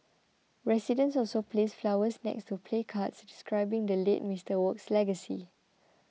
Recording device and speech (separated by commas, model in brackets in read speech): mobile phone (iPhone 6), read sentence